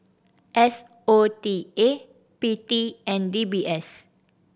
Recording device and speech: boundary microphone (BM630), read sentence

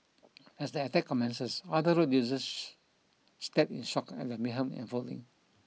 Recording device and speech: mobile phone (iPhone 6), read sentence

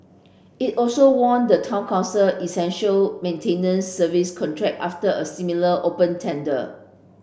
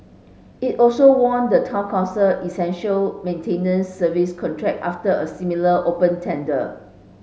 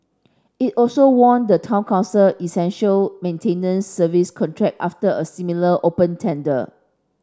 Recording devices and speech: boundary microphone (BM630), mobile phone (Samsung S8), standing microphone (AKG C214), read sentence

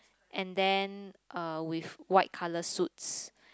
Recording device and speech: close-talking microphone, conversation in the same room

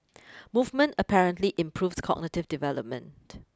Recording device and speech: close-talking microphone (WH20), read sentence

